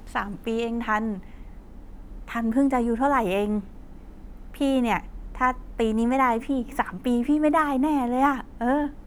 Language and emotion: Thai, happy